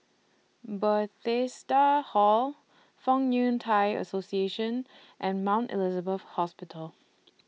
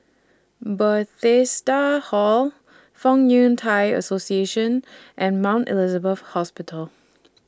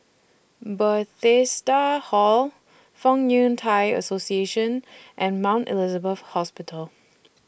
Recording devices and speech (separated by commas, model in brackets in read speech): mobile phone (iPhone 6), standing microphone (AKG C214), boundary microphone (BM630), read sentence